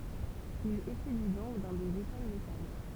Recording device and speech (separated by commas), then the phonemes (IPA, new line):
temple vibration pickup, read sentence
il etydi dɔ̃k dɑ̃ dez ekol lokal